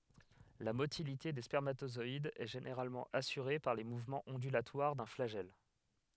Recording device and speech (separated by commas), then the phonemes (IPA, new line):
headset microphone, read sentence
la motilite de spɛʁmatozɔidz ɛ ʒeneʁalmɑ̃ asyʁe paʁ le muvmɑ̃z ɔ̃dylatwaʁ dœ̃ flaʒɛl